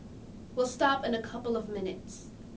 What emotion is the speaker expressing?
neutral